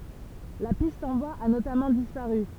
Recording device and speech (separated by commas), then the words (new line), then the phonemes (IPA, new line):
temple vibration pickup, read sentence
La piste en bois a notamment disparu.
la pist ɑ̃ bwaz a notamɑ̃ dispaʁy